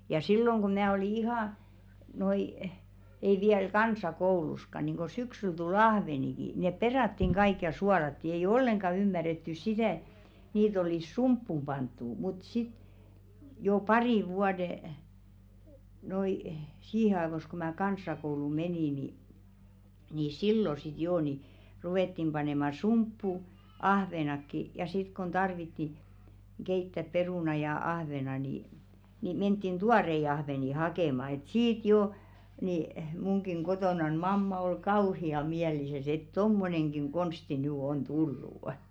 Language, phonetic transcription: Finnish, ja 'silloŋ ɢo mää oli "ihà , noi , ei viäl "kansa'kouluska niŋko 'syksyl tu"l ‿ahveniki , nèp 'peràttiŋ ɢaik ja 'sualatti ei"j ‿olleŋɢa ymmärrettys "sitä̀ ᴱᵗ niit ‿olìs "sumppum 'panttu mut sit , jò 'parìᵛ vuade , noi , 'siihe aevos ko mää 'kans̀akoulù "menì ni , ni "sillo sit 'joo ni , 'ruvèttim panèma "sumppu , 'ahvenakki , ja sit kon tarvitti , 'keittäp "perùna ja 'ahvena ni , ni 'menttin "tuarei ahvèni "hakèma et 'siit jo , ni , muŋkiŋ 'kotònan 'mamma ol "kauhi₍a 'miälisäs ‿et » "tommoneŋɢiŋ 'ɢonsti nỳ on 'tullù' « .
- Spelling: ja silloin kun minä olin ihan noin ei vielä kansakoulussakaan niin kuin syksyllä tuli ahveniakin ne perattiin kaikki ja suolattiin ei ollenkaan ymmärretty sitä ja niitä olisi sumppuun pantu mutta sitten jo parin vuoden noin siihen ajoissa kun minä kansakouluun menin niin niin silloin sitten jo niin ruvettiin panemaan sumppuun ahvenetkin ja sitten kun tarvittiin keittää perunaa ja ahventa niin niin mentiin tuoreita ahvenia hakemaan että siitä jo niin minunkin kotonani mamma oli kauhean mielissään että tuommoinenkin konsti nyt on tullut

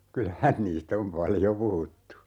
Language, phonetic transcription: Finnish, 'kyl(ä)hän 'niist ‿om "paljo 'puhuttu .
- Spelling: kyllähän niistä on paljon puhuttu

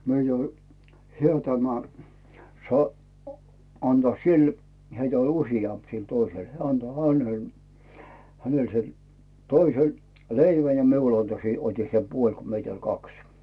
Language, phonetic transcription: Finnish, 'myö jo , 'hä tämä , sa- , anta "sil , 'heitä oĺ "usijamp sil 'toisel , 'heä anto "ʰänel , 'hänel sel , "toisel , "leivä ja 'miul anto se- , oti se "puoĺ ko 'meit ‿oĺ "kaks .
- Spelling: me jo hän tämä - antaa sille heitä oli useampi sillä toisella hän antoi hänelle hänelle sen toisen leivän ja minulle antoi sen otin sen puoli kun meitä oli kaksi

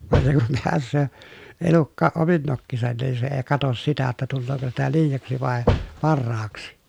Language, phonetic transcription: Finnish, van se kum peäs̆söö , elukkaaʼ ʼomin nokkisan niin se ee katos sitä ‿ttä tullooko sitä liijaksi vàe , parraaks .
- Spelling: vaan se kun pääsee elukkakin omin nokkinensa niin se ei katso sitä että tuleeko sitä liiaksi vai parhaaksi

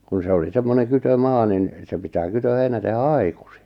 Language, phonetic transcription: Finnish, kun̬ 'se oli 'semmoneŋ 'kytö'maa nin , se pitää 'kytö'heinä tehä "ai̬kᴜsɪ .
- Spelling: kun se oli semmoinen kytömaa niin se pitää kytöheinä tehdä aikaisin

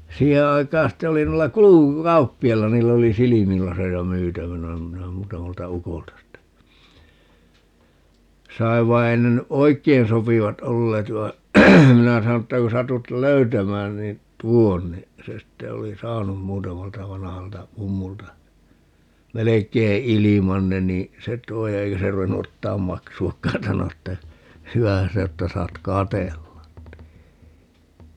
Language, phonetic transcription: Finnish, 'siihe aikaan̬ 'ste oli nuilla "(kuluku)'kauppi₍ailla 'niill ‿oli "silimilaseja 'myytävänä - minä 'muutamalta "ukolta ste , "saiv vai 'ei ne ny "ʼoi̮kkein 'sopivat 'olleet vai̮ , 'minä sano ‿ttä ku 'satut "löytämään niin , "tuon ni , se sitte oli "saanum 'muutamalta 'vanahalta 'mummulta , "melek̀ei 'iliman ne nii , 'se t̀oi 'eikä se 'ru₍ennu 'ottaam "maksu₍akkaan - 'sano että , » 'hy₍ähän 'se o että 'saat "katellan » ni .
- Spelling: siihen aikaan sitten oli noilla kulkukauppiailla niillä oli silmälaseja myytävänä minä muutamalta ukolta sitten sain vaan ei ne nyt oikein sopivat olleet vaan minä sanoin että kun satut löytämään niin tuo niin se sitten oli saanut muutamalta vanhalta mummulta melkein ilman ne niin se toi eikä se ruvennut ottamaan maksuakaan sanoi että hyvähän se on että saat katsella niin

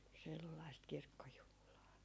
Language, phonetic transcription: Finnish, 'sellaist 'kirkkojuhlaa .
- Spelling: sellaista kirkkojuhlaa

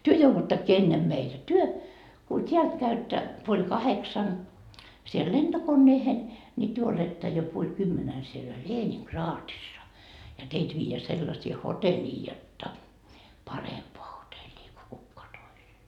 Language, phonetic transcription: Finnish, työ 'jouvuttakkii 'ennem meitä ko 'työ , ku 't́iält käyttä , puoĺ 'kaheksan , siel "lentokonneehen , ńi työ oletta jo puoĺ 'kymmenän sielä "Leeniŋ"kraatissa , ja teit viijeä 'sellasii "hoteĺii jotta , "parempoa 'hoteĺii ko 'kukkoa toiset .
- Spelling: te jouduttekin ennen meitä kun te kun täältä käytte puoli kahdeksan siellä lentokoneeseen niin te olette jo puoli kymmenen siellä Leningradissa ja teitä viedään sellaisiin hotelleihin jotta parempaan hotelliin kuin ketkään toiset

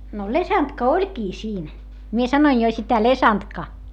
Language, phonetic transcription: Finnish, no lesantka oĺkii siin , mie sanoin jo sitä lesantka .
- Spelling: no lesantka olikin siinä minä sanoin jo sitä lesantka

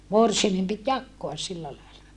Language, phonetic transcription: Finnish, morsiamem pit jakkoas sillä laila .
- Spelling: morsiamen piti jakaa sillä lailla

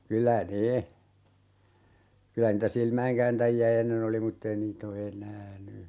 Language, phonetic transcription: Finnish, 'kylä "ne , 'kylä niitä 'silmä₍eŋkääntäji₍ä "ennen ‿oli 'mutt ‿ei 'niit ‿o "enää 'ny .
- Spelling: kyllä ne kyllä niitä silmäinkääntäjiä ennen oli mutta ei niitä ole enää nyt

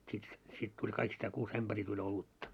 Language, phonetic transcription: Finnish, sit se , sit tuĺ kaikistää 'kuus 'ämʙärii tuĺ 'olutta .
- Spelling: sitten se sitten tuli kaikista kuusi ämpäriä tuli olutta

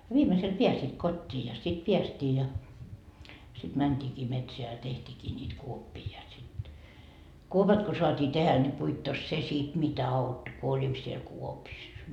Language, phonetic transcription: Finnish, 'viimesel "piäsit "kot́t́ii ja sit 'piästii ja , sit 'mänt́iikii "metseä ja teht́iikii ńiit 'kuoppii ja sit , 'kuopat ko soat́ii 'tehä ńi puittos 'se sit mitä 'autto ku 'olit siel "kuopissa .
- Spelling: viimeisellä pääsivät kotiin ja sitten päästiin ja sitten mentiinkin metsään ja tehtiinkin niitä kuoppia ja sitten kuopat kun saatiin tehdä niin puittos se sitten mitä auttoi kun olit siellä kuopissa

